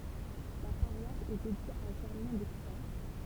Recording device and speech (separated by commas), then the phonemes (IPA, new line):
temple vibration pickup, read sentence
la paʁwas ɛ dedje a ʒɛʁmɛ̃ doksɛʁ